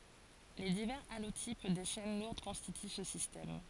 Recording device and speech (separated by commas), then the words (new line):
forehead accelerometer, read sentence
Les divers allotypes des chaînes lourdes constituent ce système.